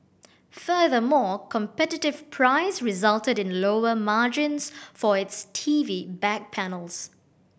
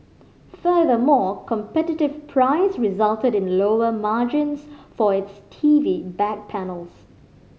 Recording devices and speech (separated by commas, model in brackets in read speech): boundary microphone (BM630), mobile phone (Samsung C5010), read sentence